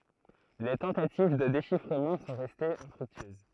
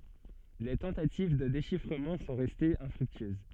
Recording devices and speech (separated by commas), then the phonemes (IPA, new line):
throat microphone, soft in-ear microphone, read sentence
le tɑ̃tativ də deʃifʁəmɑ̃ sɔ̃ ʁɛstez ɛ̃fʁyktyøz